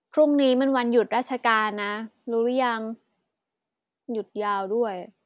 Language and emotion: Thai, frustrated